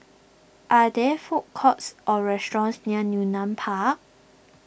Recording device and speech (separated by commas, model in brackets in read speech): boundary microphone (BM630), read sentence